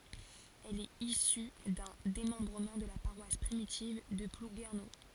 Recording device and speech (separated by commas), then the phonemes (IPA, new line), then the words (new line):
forehead accelerometer, read sentence
ɛl ɛt isy dœ̃ demɑ̃bʁəmɑ̃ də la paʁwas pʁimitiv də pluɡɛʁno
Elle est issue d'un démembrement de la paroisse primitive de Plouguerneau.